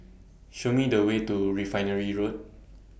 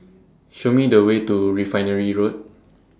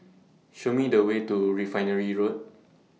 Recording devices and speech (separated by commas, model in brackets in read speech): boundary microphone (BM630), standing microphone (AKG C214), mobile phone (iPhone 6), read sentence